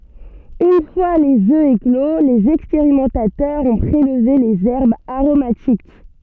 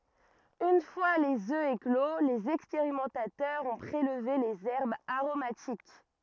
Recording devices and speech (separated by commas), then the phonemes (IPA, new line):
soft in-ear microphone, rigid in-ear microphone, read sentence
yn fwa lez ø eklo lez ɛkspeʁimɑ̃tatœʁz ɔ̃ pʁelve lez ɛʁbz aʁomatik